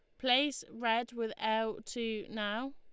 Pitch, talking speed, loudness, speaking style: 225 Hz, 140 wpm, -34 LUFS, Lombard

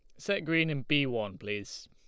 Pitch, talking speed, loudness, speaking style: 130 Hz, 215 wpm, -31 LUFS, Lombard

